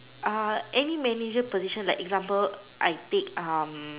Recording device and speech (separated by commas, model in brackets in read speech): telephone, conversation in separate rooms